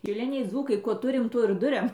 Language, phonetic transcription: Lithuanian, šiˈliniai ˈdzūkai ˈkuo ˈturim ˈtuo ir ˈduriam

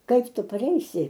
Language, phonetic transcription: Lithuanian, ˈkaip ˈtu paˈreisi

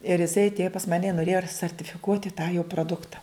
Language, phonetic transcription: Lithuanian, ir iˈsai atˈėjo pas ˈmane i noˈrėjo ar sartifiˈkuoti tą jo proˈdukta

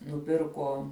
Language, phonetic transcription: Lithuanian, nuˈpirko

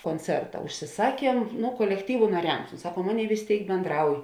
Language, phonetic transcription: Lithuanian, konˈcerta užsiˈsakiem ˈnu kolekˈtyvu naˈriams ˈsaˌkuom ˈaˌnėi vės ˈtėik benˈdrauj

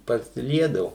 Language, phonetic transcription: Lithuanian, pasiˈliedavu

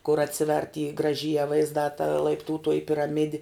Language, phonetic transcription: Lithuanian, kur atˈsiver' ty graˈžyje vaizˈdā ta laipˈtūtoji piraˈmidi

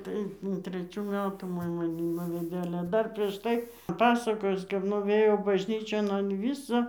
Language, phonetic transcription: Lithuanian, tai treˈčių ˈmetų ˈmoj maˈni ˈnuvedė ˈale ˈdar prieš ˈtai ˈpasakojus kap nuˈvėjo bažˈnyčion an ˈvyso

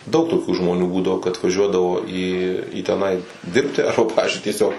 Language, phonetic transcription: Lithuanian, daug toˈkių žmoˈnių ˈbūdavo kad vaˈžiuodavo į į teˈnai ˈdirbti ˈarba ˈpavizdžiui tieˈsiog

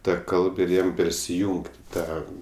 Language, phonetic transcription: Lithuanian, ˈta ˈkalb ir ˈjam persiˈjūngt' i ˈtą

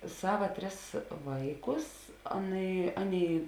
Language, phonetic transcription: Lithuanian, ˈsava ˈtris ˈvaiˌkus ˈaˌnai ˈaˌnėi

